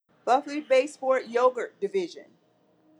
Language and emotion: English, disgusted